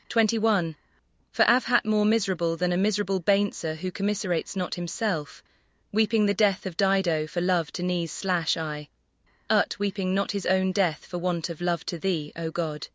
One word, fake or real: fake